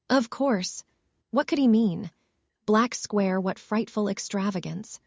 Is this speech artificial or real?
artificial